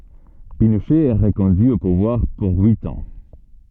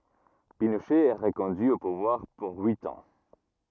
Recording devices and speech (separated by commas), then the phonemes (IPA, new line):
soft in-ear microphone, rigid in-ear microphone, read sentence
pinoʃɛ ɛ ʁəkɔ̃dyi o puvwaʁ puʁ yit ɑ̃